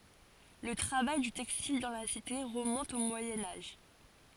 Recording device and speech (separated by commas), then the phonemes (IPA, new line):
forehead accelerometer, read sentence
lə tʁavaj dy tɛkstil dɑ̃ la site ʁəmɔ̃t o mwajɛ̃ aʒ